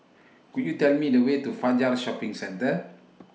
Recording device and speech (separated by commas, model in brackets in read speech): mobile phone (iPhone 6), read sentence